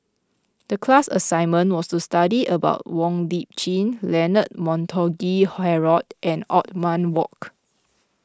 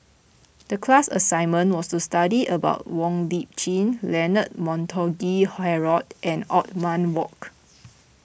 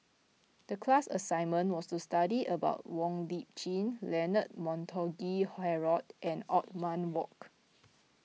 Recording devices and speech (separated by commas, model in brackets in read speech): close-talking microphone (WH20), boundary microphone (BM630), mobile phone (iPhone 6), read sentence